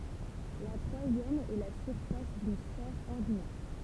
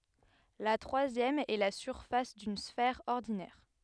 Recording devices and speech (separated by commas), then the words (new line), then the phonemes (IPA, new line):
temple vibration pickup, headset microphone, read sentence
La troisième est la surface d'une sphère ordinaire.
la tʁwazjɛm ɛ la syʁfas dyn sfɛʁ ɔʁdinɛʁ